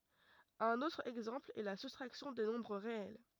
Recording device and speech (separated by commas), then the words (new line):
rigid in-ear microphone, read sentence
Un autre exemple est la soustraction des nombres réels.